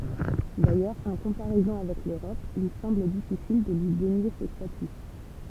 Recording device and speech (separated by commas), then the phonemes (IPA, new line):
temple vibration pickup, read sentence
dajœʁz ɑ̃ kɔ̃paʁɛzɔ̃ avɛk løʁɔp il sɑ̃bl difisil də lyi denje sə staty